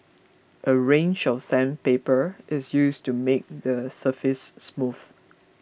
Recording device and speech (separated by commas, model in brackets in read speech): boundary microphone (BM630), read sentence